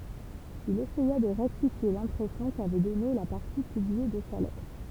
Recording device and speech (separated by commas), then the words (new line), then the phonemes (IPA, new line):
temple vibration pickup, read sentence
Il essaya de rectifier l'impression qu'avait donnée la partie publiée de sa lettre.
il esɛja də ʁɛktifje lɛ̃pʁɛsjɔ̃ kavɛ dɔne la paʁti pyblie də sa lɛtʁ